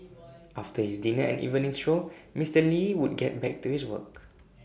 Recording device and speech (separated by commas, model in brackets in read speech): boundary microphone (BM630), read sentence